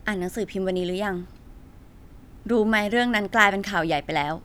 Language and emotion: Thai, frustrated